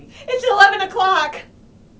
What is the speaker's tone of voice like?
fearful